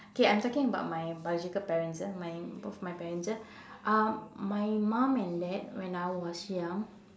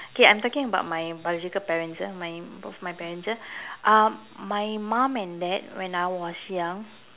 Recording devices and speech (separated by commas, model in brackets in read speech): standing microphone, telephone, conversation in separate rooms